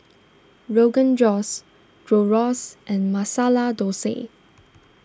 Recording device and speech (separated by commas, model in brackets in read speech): standing microphone (AKG C214), read sentence